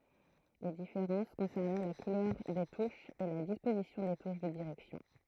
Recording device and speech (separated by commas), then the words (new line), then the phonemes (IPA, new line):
throat microphone, read sentence
Les différences concernaient la couleur des touches et la disposition des touches de direction.
le difeʁɑ̃s kɔ̃sɛʁnɛ la kulœʁ de tuʃz e la dispozisjɔ̃ de tuʃ də diʁɛksjɔ̃